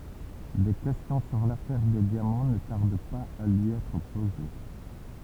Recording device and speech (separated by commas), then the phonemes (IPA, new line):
temple vibration pickup, read sentence
de kɛstjɔ̃ syʁ lafɛʁ de djamɑ̃ nə taʁd paz a lyi ɛtʁ poze